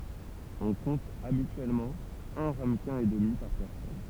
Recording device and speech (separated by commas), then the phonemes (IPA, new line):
temple vibration pickup, read sentence
ɔ̃ kɔ̃t abityɛlmɑ̃ œ̃ ʁaməkɛ̃ e dəmi paʁ pɛʁsɔn